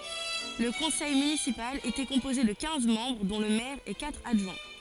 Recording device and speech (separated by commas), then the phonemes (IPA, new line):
forehead accelerometer, read sentence
lə kɔ̃sɛj mynisipal etɛ kɔ̃poze də kɛ̃z mɑ̃bʁ dɔ̃ lə mɛʁ e katʁ adʒwɛ̃